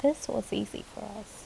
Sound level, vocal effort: 74 dB SPL, soft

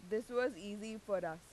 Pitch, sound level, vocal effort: 215 Hz, 90 dB SPL, loud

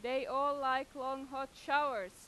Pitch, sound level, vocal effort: 270 Hz, 97 dB SPL, very loud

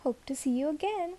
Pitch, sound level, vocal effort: 295 Hz, 74 dB SPL, soft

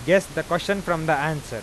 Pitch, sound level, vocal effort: 165 Hz, 96 dB SPL, loud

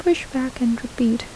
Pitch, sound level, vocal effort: 250 Hz, 73 dB SPL, soft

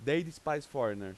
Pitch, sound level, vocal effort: 150 Hz, 94 dB SPL, very loud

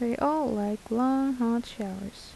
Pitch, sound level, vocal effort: 235 Hz, 77 dB SPL, soft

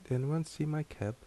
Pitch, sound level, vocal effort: 150 Hz, 74 dB SPL, soft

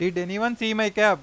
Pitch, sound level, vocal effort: 210 Hz, 97 dB SPL, loud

